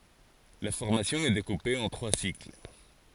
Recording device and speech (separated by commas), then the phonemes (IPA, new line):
forehead accelerometer, read sentence
la fɔʁmasjɔ̃ ɛ dekupe ɑ̃ tʁwa sikl